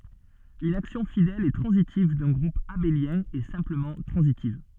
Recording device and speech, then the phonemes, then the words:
soft in-ear microphone, read sentence
yn aksjɔ̃ fidɛl e tʁɑ̃zitiv dœ̃ ɡʁup abeljɛ̃ ɛ sɛ̃pləmɑ̃ tʁɑ̃zitiv
Une action fidèle et transitive d'un groupe abélien est simplement transitive.

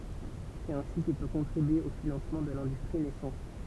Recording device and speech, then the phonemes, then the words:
temple vibration pickup, read sentence
sɛt ɛ̃si kil pø kɔ̃tʁibye o finɑ̃smɑ̃ də lɛ̃dystʁi nɛsɑ̃t
C'est ainsi qu'il peut contribuer au financement de l'industrie naissante.

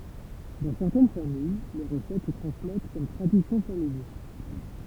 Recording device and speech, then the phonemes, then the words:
temple vibration pickup, read sentence
dɑ̃ sɛʁtɛn famij le ʁəsɛt sə tʁɑ̃smɛt kɔm tʁadisjɔ̃ familjal
Dans certaines familles, les recettes se transmettent comme tradition familiale.

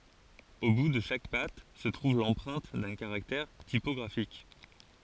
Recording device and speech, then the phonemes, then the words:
forehead accelerometer, read sentence
o bu də ʃak pat sə tʁuv lɑ̃pʁɛ̃t dœ̃ kaʁaktɛʁ tipɔɡʁafik
Au bout de chaque patte se trouve l'empreinte d'un caractère typographique.

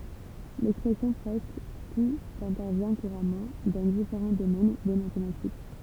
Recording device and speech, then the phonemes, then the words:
temple vibration pickup, read sentence
lɛkspʁɛsjɔ̃ pʁɛskə tut ɛ̃tɛʁvjɛ̃ kuʁamɑ̃ dɑ̃ difeʁɑ̃ domɛn de matematik
L'expression presque tout intervient couramment dans différents domaines des mathématiques.

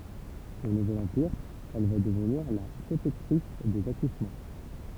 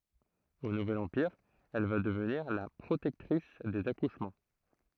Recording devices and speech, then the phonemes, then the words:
temple vibration pickup, throat microphone, read sentence
o nuvɛl ɑ̃piʁ ɛl va dəvniʁ la pʁotɛktʁis dez akuʃmɑ̃
Au Nouvel Empire, elle va devenir la protectrice des accouchements.

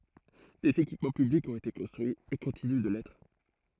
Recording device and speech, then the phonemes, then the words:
throat microphone, read sentence
dez ekipmɑ̃ pyblikz ɔ̃t ete kɔ̃stʁyiz e kɔ̃tiny də lɛtʁ
Des équipements publics ont été construits et continuent de l'être.

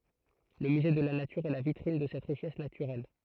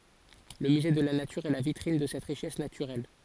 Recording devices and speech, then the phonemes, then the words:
throat microphone, forehead accelerometer, read sentence
lə myze də la natyʁ ɛ la vitʁin də sɛt ʁiʃɛs natyʁɛl
Le musée de la nature est la vitrine de cette richesse naturelle.

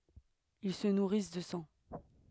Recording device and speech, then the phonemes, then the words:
headset microphone, read sentence
il sə nuʁis də sɑ̃
Ils se nourrissent de sang.

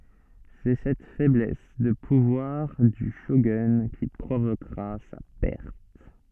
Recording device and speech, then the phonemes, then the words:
soft in-ear microphone, read sentence
sɛ sɛt fɛblɛs də puvwaʁ dy ʃoɡœ̃ ki pʁovokʁa sa pɛʁt
C'est cette faiblesse de pouvoir du shogun qui provoquera sa perte.

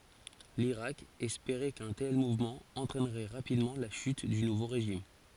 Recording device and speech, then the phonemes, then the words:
forehead accelerometer, read sentence
liʁak ɛspeʁɛ kœ̃ tɛl muvmɑ̃ ɑ̃tʁɛnʁɛ ʁapidmɑ̃ la ʃyt dy nuvo ʁeʒim
L'Irak espérait qu'un tel mouvement entraînerait rapidement la chute du nouveau régime.

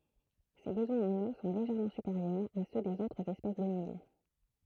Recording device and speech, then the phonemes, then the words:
throat microphone, read sentence
se bəzwɛ̃z ɑ̃n o sɔ̃ leʒɛʁmɑ̃ sypeʁjœʁz a sø dez otʁz ɛspɛs də mil
Ses besoins en eau sont légèrement supérieurs à ceux des autres espèces de mil.

